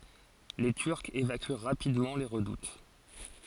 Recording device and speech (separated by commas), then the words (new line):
forehead accelerometer, read sentence
Les Turcs évacuent rapidement les redoutes.